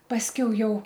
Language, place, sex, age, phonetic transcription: Lithuanian, Aukštaitija, female, 60+, pasˈkiau ˈjau

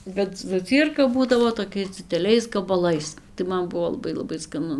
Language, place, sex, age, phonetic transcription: Lithuanian, Dzūkija, female, 18-60, bet zaˈcyrka ˈbūdavo toˈkiais dzideˈliais gabaˈlais tai ˈman ˈbuvo laˈbai laˈbai skaˈnu

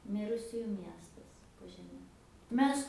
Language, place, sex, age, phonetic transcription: Lithuanian, Aukštaitija, female, 18-60, ˈmirusiuju ˈmiestas o žeˈme ˈmes

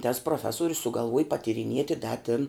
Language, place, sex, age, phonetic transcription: Lithuanian, Žemaitija, female, 18-60, tas pruoˈfesorius sugalˈvuoj patyriˈnieti da tin

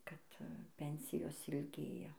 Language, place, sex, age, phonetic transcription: Lithuanian, Dzūkija, female, 18-60, ˈkad ˈpensijos ilˈgėja

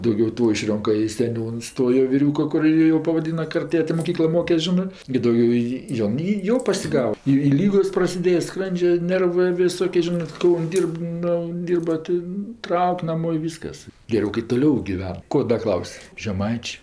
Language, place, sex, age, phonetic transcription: Lithuanian, Aukštaitija, female, 60+, dauˈgiau ˈto iˈšrionka i seˈniūns ˈto jo viˈriūko ˈkur ˈjį jau pavaˈdyna ˈkart ˈėjet' i moˈkyklo ˈmokes' ˈžinɜ gi ˈdaugio jį ˈjon ˈį ˈjo pasiˈgava ˈy i ˈlygos prasiˈdėja ˈskrandžia ˈnervɜ viˈsokė ˈžinɜ ˈkaun' ˈdyrb ˈno ˈdyrba ti ˈtrauk' ˈnamo i ˈvyskas geˈriau kai toˈliau giˈven ˈko ˈda ˈklaus' žeˈmaičė

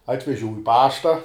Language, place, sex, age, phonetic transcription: Lithuanian, Žemaitija, male, 18-60, ˈatvežiau i ˈpašta

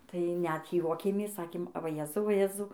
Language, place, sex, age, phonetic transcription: Lithuanian, Dzūkija, female, 18-60, tai net ˈjuokėmės ˈsakėm va ˈjėzau va ˈjėzau

